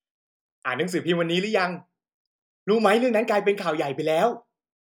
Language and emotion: Thai, happy